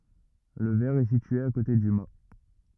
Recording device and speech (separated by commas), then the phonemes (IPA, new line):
rigid in-ear microphone, read sentence
lə vɛʁ ɛ sitye a kote dy ma